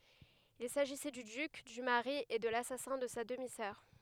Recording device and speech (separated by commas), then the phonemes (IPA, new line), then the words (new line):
headset microphone, read sentence
il saʒisɛ dy dyk dy maʁi e də lasasɛ̃ də sa dəmi sœʁ
Il s’agissait du duc, du mari et de l’assassin de sa demi-sœur.